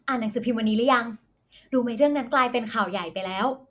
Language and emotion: Thai, happy